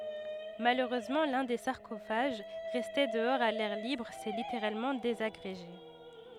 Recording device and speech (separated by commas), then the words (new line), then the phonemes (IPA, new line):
headset microphone, read sentence
Malheureusement, l'un des sarcophages, resté dehors à l'air libre, s'est littéralement désagrégé.
maløʁøzmɑ̃ lœ̃ de saʁkofaʒ ʁɛste dəɔʁz a lɛʁ libʁ sɛ liteʁalmɑ̃ dezaɡʁeʒe